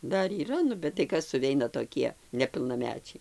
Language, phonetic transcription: Lithuanian, ˈdar yˈra nu bet tai ˈkas suˈveina toˈkie nepilnaˈmečiai

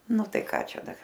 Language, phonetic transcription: Lithuanian, ˈnu ˈtai ˈką ˈčia ˈdar

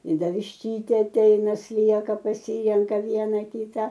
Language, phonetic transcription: Lithuanian, i ˈda višˈtytė aˈteina ˈslieka paˈsyrenka ˈviena ˈkyta

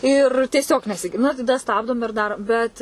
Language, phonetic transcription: Lithuanian, ˈir tieˈsiog nesiˈgir ˈnu taˈda ˈstabdom ir ˈdarom ˈbet

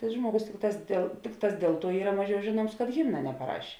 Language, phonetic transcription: Lithuanian, tai ˈžmuogus ˈtikˌtās dėl ˈtikˌtās ˈdėl ˌtuo ˈyra ˈmaˌžiau ˈžėˌnuoms kad ˈhimna nepaˈraš'

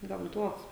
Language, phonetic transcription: Lithuanian, gamˈtuos

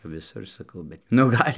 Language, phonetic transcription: Lithuanian, viˈsur saˈkau bet nu ˈgal'

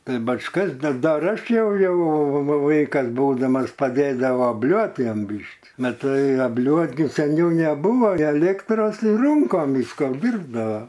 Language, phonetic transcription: Lithuanian, ˈtai bačˈkas d ˈdar ˈaš ˈjau nu ˈvaikas ˈbūdamas paˈdėdavo obˈliuot ˈjam ˈbyški maˈtai abˈliuot gi seˈniau neˈbūvo aˈlėktros ˈrūnkom ˈvyska apˈdyrbdava

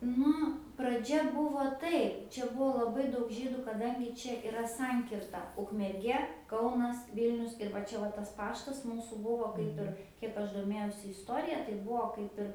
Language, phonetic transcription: Lithuanian, ˈnu praˈdžia ˈbuvo ˈtaip čia ˈbuo laˈbai ˈdaug ˈžydu kaˈdangi ˈčia iˈra ˈsankirta ukmerˈgie ˈkaunas ˈvilnius ir va ˈčia ˈva tas ˈpaštas ˈmūsų ˈbuvo ˈkaip ir ˈkiek aš doˈmėjausi isˈtorija tai ˈbuo ˈkaip ir

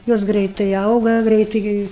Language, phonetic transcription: Lithuanian, ˈjos ˈgreitai ˈauga ˈgreitai ˈgi

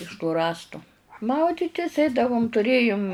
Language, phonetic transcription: Lithuanian, iš tų ˈrąstu ˈmauditis ˈeidavum tuˈrėjum

